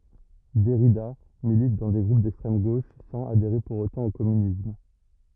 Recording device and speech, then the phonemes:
rigid in-ear microphone, read sentence
dɛʁida milit dɑ̃ de ɡʁup dɛkstʁɛm ɡoʃ sɑ̃z adeʁe puʁ otɑ̃ o kɔmynism

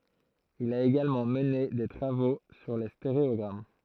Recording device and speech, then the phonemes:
throat microphone, read sentence
il a eɡalmɑ̃ məne de tʁavo syʁ le steʁeɔɡʁam

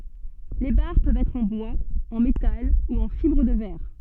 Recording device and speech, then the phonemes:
soft in-ear microphone, read sentence
le baʁ pøvt ɛtʁ ɑ̃ bwaz ɑ̃ metal u ɑ̃ fibʁ də vɛʁ

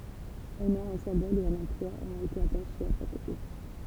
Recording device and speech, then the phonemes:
temple vibration pickup, read sentence
œ̃ nɔ̃ œ̃ sɛ̃bɔl e œ̃n ɑ̃plwa ɔ̃t ete ataʃez a ʃak uʁs

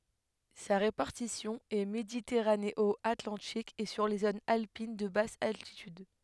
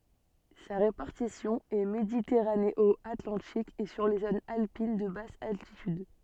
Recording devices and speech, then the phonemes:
headset microphone, soft in-ear microphone, read sentence
sa ʁepaʁtisjɔ̃ ɛ meditɛʁaneɔatlɑ̃tik e syʁ le zonz alpin də bas altityd

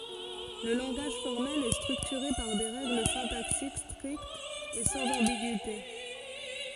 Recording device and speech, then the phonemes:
forehead accelerometer, read sentence
lə lɑ̃ɡaʒ fɔʁmɛl ɛ stʁyktyʁe paʁ de ʁɛɡl sɛ̃taksik stʁiktz e sɑ̃z ɑ̃biɡyite

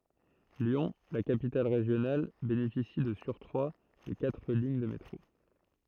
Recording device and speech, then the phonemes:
throat microphone, read sentence
ljɔ̃ la kapital ʁeʒjonal benefisi də syʁkʁwa də katʁ liɲ də metʁo

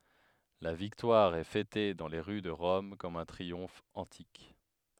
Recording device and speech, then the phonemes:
headset microphone, read sentence
la viktwaʁ ɛ fɛte dɑ̃ le ʁy də ʁɔm kɔm œ̃ tʁiɔ̃f ɑ̃tik

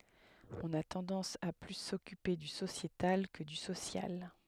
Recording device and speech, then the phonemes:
headset microphone, read sentence
ɔ̃n a tɑ̃dɑ̃s a ply sɔkype dy sosjetal kə dy sosjal

